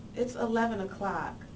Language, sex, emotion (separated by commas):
English, female, neutral